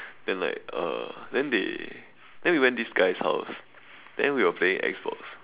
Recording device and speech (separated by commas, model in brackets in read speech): telephone, conversation in separate rooms